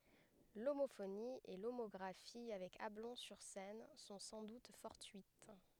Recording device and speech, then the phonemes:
headset microphone, read sentence
lomofoni e lomɔɡʁafi avɛk ablɔ̃ syʁ sɛn sɔ̃ sɑ̃ dut fɔʁtyit

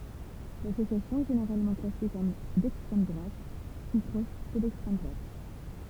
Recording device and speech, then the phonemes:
temple vibration pickup, read sentence
lasosjasjɔ̃ ɛ ʒeneʁalmɑ̃ klase kɔm dɛkstʁɛm dʁwat u pʁɔʃ də lɛkstʁɛm dʁwat

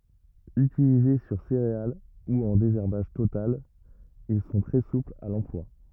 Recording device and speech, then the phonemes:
rigid in-ear microphone, read sentence
ytilize syʁ seʁeal u ɑ̃ dezɛʁbaʒ total il sɔ̃ tʁɛ suplz a lɑ̃plwa

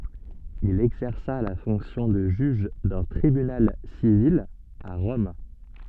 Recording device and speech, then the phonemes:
soft in-ear microphone, read sentence
il ɛɡzɛʁsa la fɔ̃ksjɔ̃ də ʒyʒ dœ̃ tʁibynal sivil a ʁɔm

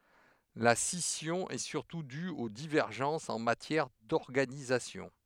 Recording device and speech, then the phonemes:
headset microphone, read sentence
la sisjɔ̃ ɛ syʁtu dy o divɛʁʒɑ̃sz ɑ̃ matjɛʁ dɔʁɡanizasjɔ̃

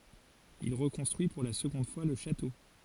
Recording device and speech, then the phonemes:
forehead accelerometer, read sentence
il ʁəkɔ̃stʁyi puʁ la səɡɔ̃d fwa lə ʃato

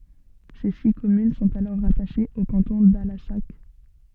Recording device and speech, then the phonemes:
soft in-ear microphone, read sentence
se si kɔmyn sɔ̃t alɔʁ ʁataʃez o kɑ̃tɔ̃ dalasak

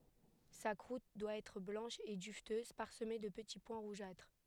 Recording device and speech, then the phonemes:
headset microphone, read sentence
sa kʁut dwa ɛtʁ blɑ̃ʃ e dyvtøz paʁsəme də pəti pwɛ̃ ʁuʒatʁ

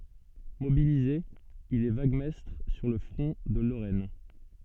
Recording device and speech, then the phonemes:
soft in-ear microphone, read sentence
mobilize il ɛ vaɡmɛstʁ syʁ lə fʁɔ̃ də loʁɛn

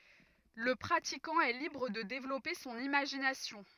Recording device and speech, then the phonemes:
rigid in-ear microphone, read sentence
lə pʁatikɑ̃ ɛ libʁ də devlɔpe sɔ̃n imaʒinasjɔ̃

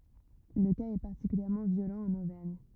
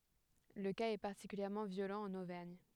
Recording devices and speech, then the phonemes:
rigid in-ear microphone, headset microphone, read sentence
lə kaz ɛ paʁtikyljɛʁmɑ̃ vjolɑ̃ ɑ̃n ovɛʁɲ

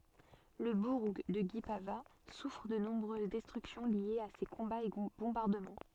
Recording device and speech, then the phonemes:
soft in-ear microphone, read sentence
lə buʁ də ɡipava sufʁ də nɔ̃bʁøz dɛstʁyksjɔ̃ ljez a se kɔ̃baz e bɔ̃baʁdəmɑ̃

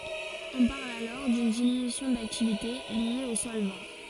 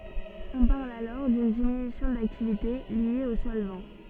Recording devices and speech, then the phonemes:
forehead accelerometer, soft in-ear microphone, read sentence
ɔ̃ paʁl alɔʁ dyn diminysjɔ̃ daktivite lje o sɔlvɑ̃

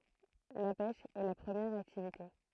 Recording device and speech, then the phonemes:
throat microphone, read sentence
la pɛʃ ɛ la pʁəmjɛʁ aktivite

